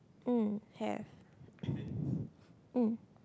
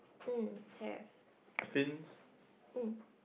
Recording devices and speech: close-talking microphone, boundary microphone, conversation in the same room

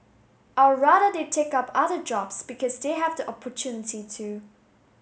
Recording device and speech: mobile phone (Samsung S8), read sentence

